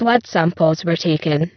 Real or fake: fake